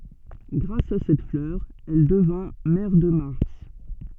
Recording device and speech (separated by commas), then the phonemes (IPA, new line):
soft in-ear microphone, read sentence
ɡʁas a sɛt flœʁ ɛl dəvɛ̃ mɛʁ də maʁs